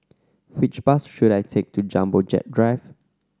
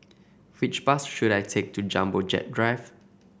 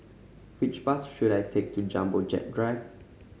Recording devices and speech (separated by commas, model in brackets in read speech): standing microphone (AKG C214), boundary microphone (BM630), mobile phone (Samsung C5010), read sentence